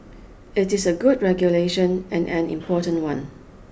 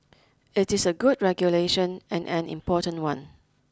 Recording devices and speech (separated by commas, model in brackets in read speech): boundary microphone (BM630), close-talking microphone (WH20), read sentence